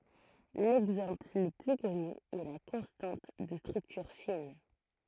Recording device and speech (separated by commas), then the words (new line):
throat microphone, read sentence
L'exemple le plus connu est la constante de structure fine.